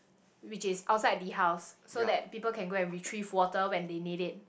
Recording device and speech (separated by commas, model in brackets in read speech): boundary microphone, conversation in the same room